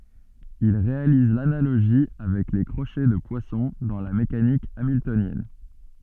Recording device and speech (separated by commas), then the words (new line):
soft in-ear microphone, read sentence
Il réalise l'analogie avec les crochets de Poisson dans la mécanique hamiltonienne.